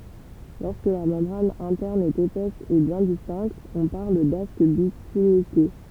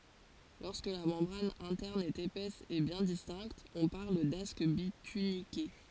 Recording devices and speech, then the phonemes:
temple vibration pickup, forehead accelerometer, read sentence
lɔʁskə la mɑ̃bʁan ɛ̃tɛʁn ɛt epɛs e bjɛ̃ distɛ̃kt ɔ̃ paʁl dask bitynike

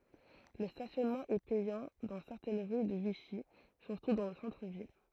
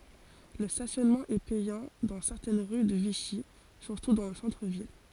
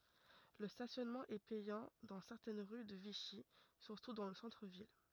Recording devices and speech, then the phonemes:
throat microphone, forehead accelerometer, rigid in-ear microphone, read sentence
lə stasjɔnmɑ̃ ɛ pɛjɑ̃ dɑ̃ sɛʁtɛn ʁy də viʃi syʁtu dɑ̃ lə sɑ̃tʁ vil

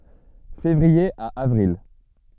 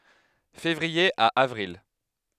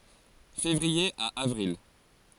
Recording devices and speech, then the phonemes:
soft in-ear microphone, headset microphone, forehead accelerometer, read sentence
fevʁie a avʁil

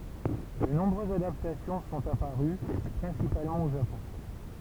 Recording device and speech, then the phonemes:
temple vibration pickup, read sentence
də nɔ̃bʁøzz adaptasjɔ̃ sɔ̃t apaʁy pʁɛ̃sipalmɑ̃ o ʒapɔ̃

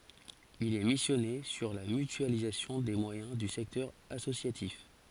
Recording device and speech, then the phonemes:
forehead accelerometer, read sentence
il ɛ misjɔne syʁ la mytyalizasjɔ̃ de mwajɛ̃ dy sɛktœʁ asosjatif

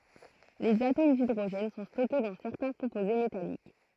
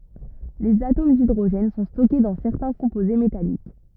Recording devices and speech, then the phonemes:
throat microphone, rigid in-ear microphone, read sentence
lez atom didʁoʒɛn sɔ̃ stɔke dɑ̃ sɛʁtɛ̃ kɔ̃poze metalik

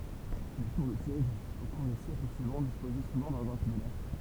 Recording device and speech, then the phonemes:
temple vibration pickup, read sentence
le tuʁ də sjɛʒ o kuʁ de sjɛkl syivɑ̃ dispozɛ suvɑ̃ dɑ̃ʒɛ̃ similɛʁ

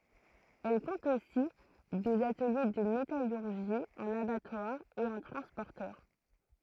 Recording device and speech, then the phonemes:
throat microphone, read sentence
ɛl kɔ̃t osi dez atəlje də metalyʁʒi œ̃n abatwaʁ e œ̃ tʁɑ̃spɔʁtœʁ

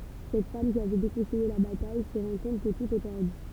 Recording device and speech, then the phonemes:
temple vibration pickup, read sentence
sɛt fam ki avɛ dekɔ̃sɛje la bataj sə ʁɑ̃ kɔ̃t kə tut ɛ pɛʁdy

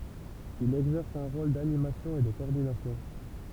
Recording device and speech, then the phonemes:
temple vibration pickup, read sentence
il ɛɡzɛʁs œ̃ ʁol danimasjɔ̃ e də kɔɔʁdinasjɔ̃

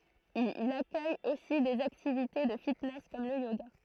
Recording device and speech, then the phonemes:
throat microphone, read sentence
il akœj osi dez aktivite də fitnɛs kɔm lə joɡa

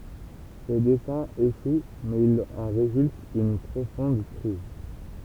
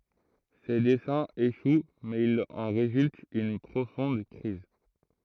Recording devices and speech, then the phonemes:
temple vibration pickup, throat microphone, read sentence
se dɛsɛ̃z eʃw mɛz il ɑ̃ ʁezylt yn pʁofɔ̃d kʁiz

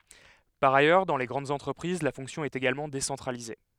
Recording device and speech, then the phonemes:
headset microphone, read sentence
paʁ ajœʁ dɑ̃ le ɡʁɑ̃dz ɑ̃tʁəpʁiz la fɔ̃ksjɔ̃ ɛt eɡalmɑ̃ desɑ̃tʁalize

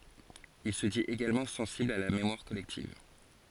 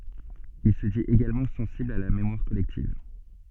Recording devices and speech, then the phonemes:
forehead accelerometer, soft in-ear microphone, read sentence
il sə dit eɡalmɑ̃ sɑ̃sibl a la memwaʁ kɔlɛktiv

